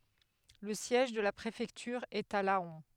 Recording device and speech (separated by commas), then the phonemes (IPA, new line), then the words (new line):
headset microphone, read sentence
lə sjɛʒ də la pʁefɛktyʁ ɛt a lɑ̃
Le siège de la préfecture est à Laon.